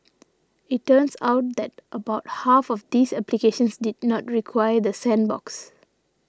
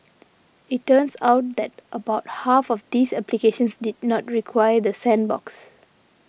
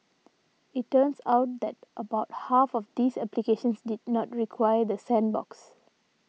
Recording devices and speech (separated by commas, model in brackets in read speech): standing microphone (AKG C214), boundary microphone (BM630), mobile phone (iPhone 6), read sentence